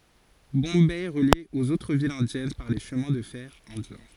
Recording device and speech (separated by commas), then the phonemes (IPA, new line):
forehead accelerometer, read sentence
bɔ̃bɛ ɛ ʁəlje oz otʁ vilz ɛ̃djɛn paʁ le ʃəmɛ̃ də fɛʁ ɛ̃djɛ̃